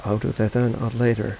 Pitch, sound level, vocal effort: 115 Hz, 81 dB SPL, soft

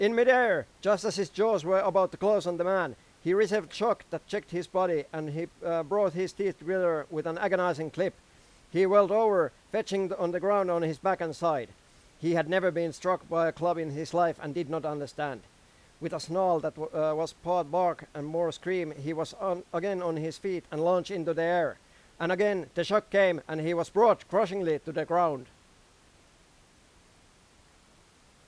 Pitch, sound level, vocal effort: 175 Hz, 97 dB SPL, very loud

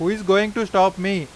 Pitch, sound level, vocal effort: 195 Hz, 95 dB SPL, loud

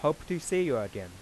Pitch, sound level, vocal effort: 150 Hz, 91 dB SPL, soft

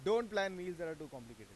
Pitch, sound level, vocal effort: 170 Hz, 99 dB SPL, loud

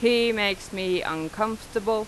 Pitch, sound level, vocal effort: 215 Hz, 90 dB SPL, very loud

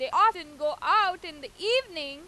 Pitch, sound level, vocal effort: 370 Hz, 101 dB SPL, very loud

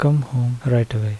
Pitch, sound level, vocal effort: 125 Hz, 76 dB SPL, soft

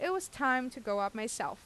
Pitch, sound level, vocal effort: 255 Hz, 88 dB SPL, normal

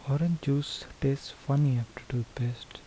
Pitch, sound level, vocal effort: 135 Hz, 73 dB SPL, soft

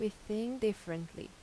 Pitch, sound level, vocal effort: 215 Hz, 82 dB SPL, normal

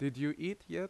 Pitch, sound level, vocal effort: 165 Hz, 84 dB SPL, very loud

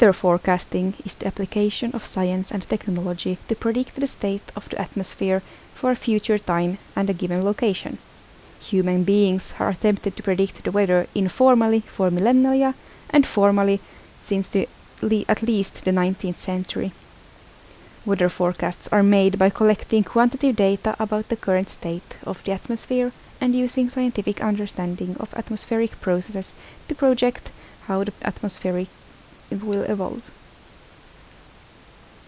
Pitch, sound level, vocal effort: 200 Hz, 75 dB SPL, soft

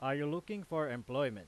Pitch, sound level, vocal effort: 145 Hz, 95 dB SPL, very loud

